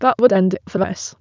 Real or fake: fake